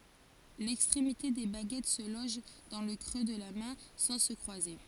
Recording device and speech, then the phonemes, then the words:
forehead accelerometer, read sentence
lɛkstʁemite de baɡɛt sə lɔʒ dɑ̃ lə kʁø də la mɛ̃ sɑ̃ sə kʁwaze
L'extrémité des baguettes se loge dans le creux de la main, sans se croiser.

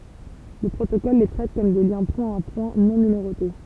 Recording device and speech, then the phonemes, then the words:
temple vibration pickup, read sentence
lə pʁotokɔl le tʁɛt kɔm de ljɛ̃ pwɛ̃tapwɛ̃ nɔ̃ nymeʁote
Le protocole les traite comme des liens point-à-point non numérotés.

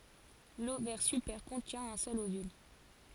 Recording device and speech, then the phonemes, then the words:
forehead accelerometer, read sentence
lovɛʁ sypɛʁ kɔ̃tjɛ̃ œ̃ sœl ovyl
L'ovaire supère contient un seul ovule.

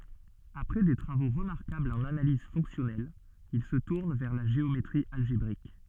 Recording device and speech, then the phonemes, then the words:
soft in-ear microphone, read sentence
apʁɛ de tʁavo ʁəmaʁkablz ɑ̃n analiz fɔ̃ksjɔnɛl il sə tuʁn vɛʁ la ʒeometʁi alʒebʁik
Après des travaux remarquables en analyse fonctionnelle, il se tourne vers la géométrie algébrique.

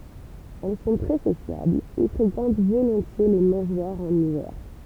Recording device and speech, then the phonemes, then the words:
temple vibration pickup, read sentence
ɛl sɔ̃ tʁɛ sosjablz e fʁekɑ̃t volɔ̃tje le mɑ̃ʒwaʁz ɑ̃n ivɛʁ
Elles sont très sociables et fréquentent volontiers les mangeoires en hiver.

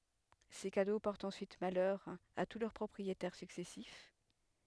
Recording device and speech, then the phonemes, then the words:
headset microphone, read sentence
se kado pɔʁtt ɑ̃syit malœʁ a tu lœʁ pʁɔpʁietɛʁ syksɛsif
Ces cadeaux portent ensuite malheur à tous leurs propriétaires successifs.

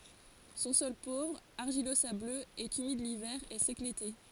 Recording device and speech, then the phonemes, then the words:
forehead accelerometer, read sentence
sɔ̃ sɔl povʁ aʁʒilozabløz ɛt ymid livɛʁ e sɛk lete
Son sol pauvre, argilo-sableux, est humide l'hiver et sec l'été.

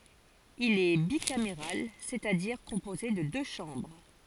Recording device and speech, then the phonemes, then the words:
forehead accelerometer, read sentence
il ɛ bikameʁal sɛt a diʁ kɔ̃poze də dø ʃɑ̃bʁ
Il est bicaméral, c'est-à-dire composé de deux chambres.

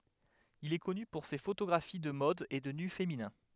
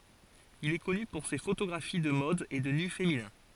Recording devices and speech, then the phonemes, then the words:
headset microphone, forehead accelerometer, read sentence
il ɛ kɔny puʁ se fotoɡʁafi də mɔd e də ny feminɛ̃
Il est connu pour ses photographies de mode et de nus féminins.

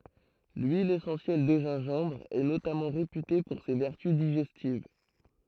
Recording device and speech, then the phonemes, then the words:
throat microphone, read sentence
lyil esɑ̃sjɛl də ʒɛ̃ʒɑ̃bʁ ɛ notamɑ̃ ʁepyte puʁ se vɛʁty diʒɛstiv
L'huile essentielle de gingembre est notamment réputée pour ses vertus digestives.

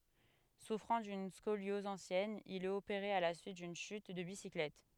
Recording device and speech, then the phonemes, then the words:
headset microphone, read sentence
sufʁɑ̃ dyn skoljɔz ɑ̃sjɛn il ɛt opeʁe a la syit dyn ʃyt də bisiklɛt
Souffrant d'une scoliose ancienne, il est opéré à la suite d'une chute de bicyclette.

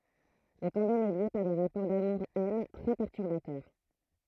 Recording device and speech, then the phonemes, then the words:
throat microphone, read sentence
lə tɑ̃dɛm ɛ lje paʁ de ʁapɔʁ damuʁ ɛn tʁɛ pɛʁtyʁbatœʁ
Le tandem est lié par des rapports d'amour-haine très perturbateurs.

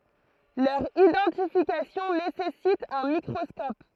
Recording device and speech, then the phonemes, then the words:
throat microphone, read sentence
lœʁ idɑ̃tifikasjɔ̃ nesɛsit œ̃ mikʁɔskɔp
Leur identification nécessite un microscope.

